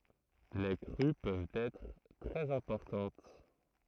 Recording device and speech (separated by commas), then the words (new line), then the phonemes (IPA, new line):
throat microphone, read sentence
Les crues peuvent être très importantes.
le kʁy pøvt ɛtʁ tʁɛz ɛ̃pɔʁtɑ̃t